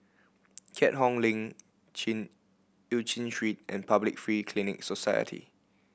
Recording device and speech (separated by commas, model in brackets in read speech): boundary microphone (BM630), read sentence